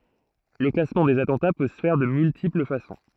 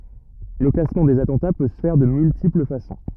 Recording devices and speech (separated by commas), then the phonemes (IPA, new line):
throat microphone, rigid in-ear microphone, read sentence
lə klasmɑ̃ dez atɑ̃ta pø sə fɛʁ də myltipl fasɔ̃